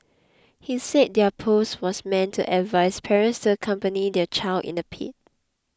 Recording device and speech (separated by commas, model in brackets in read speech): close-talking microphone (WH20), read sentence